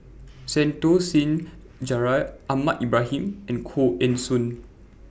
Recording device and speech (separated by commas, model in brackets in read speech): boundary microphone (BM630), read sentence